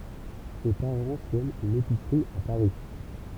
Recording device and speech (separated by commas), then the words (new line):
temple vibration pickup, read sentence
Ses parents tiennent une épicerie à Paris.